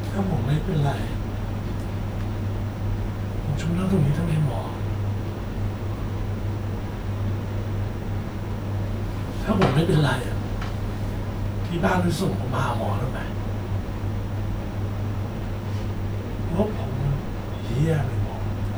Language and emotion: Thai, sad